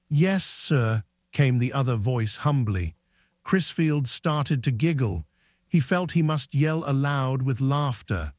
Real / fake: fake